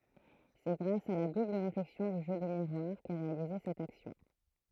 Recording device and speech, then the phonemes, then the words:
throat microphone, read sentence
sɛ ɡʁas a la dubl ʁeflɛksjɔ̃ dy ʒø də miʁwaʁ kɛ ʁealize sɛt aksjɔ̃
C'est grâce à la double réflexion du jeu de miroir qu'est réalisée cette action.

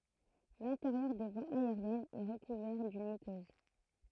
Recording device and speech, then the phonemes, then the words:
throat microphone, read sentence
lɛ̃teʁjœʁ de vwaz aeʁjɛnz ɛ ʁəkuvɛʁ dyn mykøz
L'intérieur des voies aériennes est recouvert d'une muqueuse.

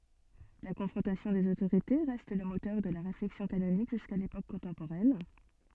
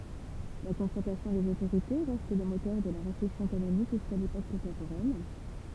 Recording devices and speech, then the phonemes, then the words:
soft in-ear microphone, temple vibration pickup, read sentence
la kɔ̃fʁɔ̃tasjɔ̃ dez otoʁite ʁɛst lə motœʁ də la ʁeflɛksjɔ̃ kanonik ʒyska lepok kɔ̃tɑ̃poʁɛn
La confrontation des autorités reste le moteur de la réflexion canonique jusqu'à l'époque contemporaine.

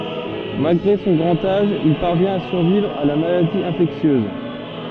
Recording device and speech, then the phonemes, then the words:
soft in-ear microphone, read sentence
malɡʁe sɔ̃ ɡʁɑ̃t aʒ il paʁvjɛ̃t a syʁvivʁ a la maladi ɛ̃fɛksjøz
Malgré son grand âge, il parvient à survivre à la maladie infectieuse.

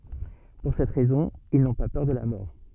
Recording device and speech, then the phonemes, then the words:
soft in-ear microphone, read sentence
puʁ sɛt ʁɛzɔ̃ il nɔ̃ pa pœʁ də la mɔʁ
Pour cette raison, ils n'ont pas peur de la mort.

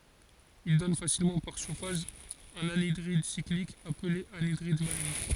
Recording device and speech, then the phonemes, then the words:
forehead accelerometer, read sentence
il dɔn fasilmɑ̃ paʁ ʃofaʒ œ̃n anidʁid siklik aple anidʁid maleik
Il donne facilement par chauffage un anhydride cyclique appelé anhydride maléique.

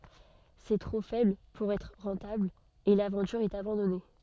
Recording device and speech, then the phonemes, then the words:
soft in-ear microphone, read sentence
sɛ tʁo fɛbl puʁ ɛtʁ ʁɑ̃tabl e lavɑ̃tyʁ ɛt abɑ̃dɔne
C'est trop faible pour être rentable et l'aventure est abandonnée.

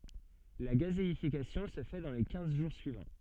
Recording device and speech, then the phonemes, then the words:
soft in-ear microphone, read sentence
la ɡazeifikasjɔ̃ sə fɛ dɑ̃ le kɛ̃z ʒuʁ syivɑ̃
La gazéification se fait dans les quinze jours suivants.

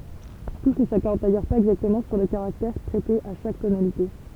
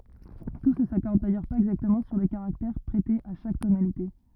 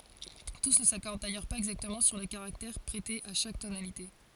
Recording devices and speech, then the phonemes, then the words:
temple vibration pickup, rigid in-ear microphone, forehead accelerometer, read sentence
tus nə sakɔʁd dajœʁ paz ɛɡzaktəmɑ̃ syʁ lə kaʁaktɛʁ pʁɛte a ʃak tonalite
Tous ne s'accordent d’ailleurs pas exactement sur le caractère prêté à chaque tonalité.

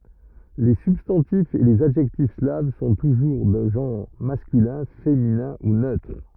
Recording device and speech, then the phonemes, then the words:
rigid in-ear microphone, read sentence
le sybstɑ̃tifz e lez adʒɛktif slav sɔ̃ tuʒuʁ də ʒɑ̃ʁ maskylɛ̃ feminɛ̃ u nøtʁ
Les substantifs et les adjectifs slaves sont toujours de genre masculin, féminin ou neutre.

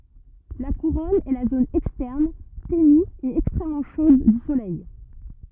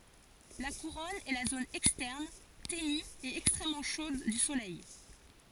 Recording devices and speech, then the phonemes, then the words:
rigid in-ear microphone, forehead accelerometer, read sentence
la kuʁɔn ɛ la zon ɛkstɛʁn teny e ɛkstʁɛmmɑ̃ ʃod dy solɛj
La couronne est la zone externe, ténue et extrêmement chaude du Soleil.

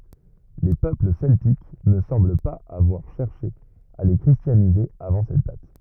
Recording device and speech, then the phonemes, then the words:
rigid in-ear microphone, read sentence
le pøpl sɛltik nə sɑ̃bl paz avwaʁ ʃɛʁʃe a le kʁistjanize avɑ̃ sɛt dat
Les peuples celtiques ne semblent pas avoir cherché à les christianiser avant cette date.

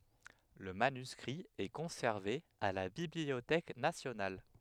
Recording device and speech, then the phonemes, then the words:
headset microphone, read sentence
lə manyskʁi ɛ kɔ̃sɛʁve a la bibliotɛk nasjonal
Le manuscrit est conservé à la Bibliothèque nationale.

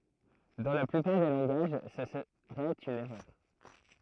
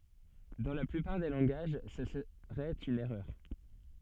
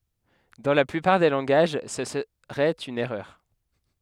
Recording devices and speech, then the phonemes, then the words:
throat microphone, soft in-ear microphone, headset microphone, read sentence
dɑ̃ la plypaʁ de lɑ̃ɡaʒ sə səʁɛt yn ɛʁœʁ
Dans la plupart des langages, ce serait une erreur.

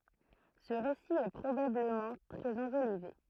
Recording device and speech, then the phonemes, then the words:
throat microphone, read sentence
sə ʁesi ɛ pʁobabləmɑ̃ tʁɛz ɑ̃ʒolive
Ce récit est probablement très enjolivé.

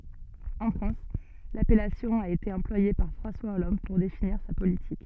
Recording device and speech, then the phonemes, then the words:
soft in-ear microphone, read sentence
ɑ̃ fʁɑ̃s lapɛlasjɔ̃ a ete ɑ̃plwaje paʁ fʁɑ̃swa ɔlɑ̃d puʁ definiʁ sa politik
En France, l'appellation a été employée par François Hollande pour définir sa politique.

